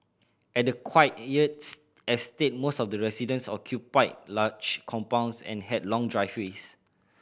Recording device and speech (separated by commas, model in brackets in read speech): boundary microphone (BM630), read sentence